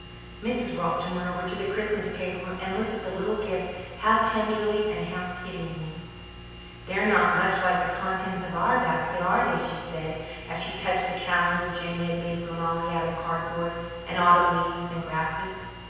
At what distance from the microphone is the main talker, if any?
7.1 m.